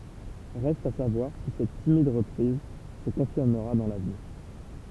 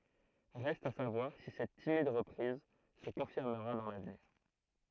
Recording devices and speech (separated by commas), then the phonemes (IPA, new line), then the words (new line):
temple vibration pickup, throat microphone, read sentence
ʁɛst a savwaʁ si sɛt timid ʁəpʁiz sə kɔ̃fiʁməʁa dɑ̃ lavniʁ
Reste à savoir si cette timide reprise se confirmera dans l'avenir..